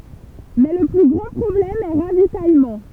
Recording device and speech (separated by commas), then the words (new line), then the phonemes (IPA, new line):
temple vibration pickup, read sentence
Mais le plus grand problème est ravitaillement.
mɛ lə ply ɡʁɑ̃ pʁɔblɛm ɛ ʁavitajmɑ̃